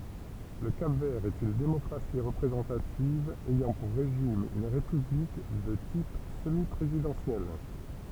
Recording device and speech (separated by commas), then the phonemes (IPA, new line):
temple vibration pickup, read sentence
lə kap vɛʁ ɛt yn demɔkʁasi ʁəpʁezɑ̃tativ ɛjɑ̃ puʁ ʁeʒim yn ʁepyblik də tip səmi pʁezidɑ̃sjɛl